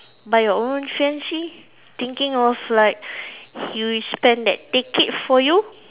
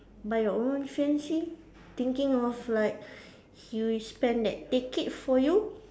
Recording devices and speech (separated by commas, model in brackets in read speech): telephone, standing microphone, conversation in separate rooms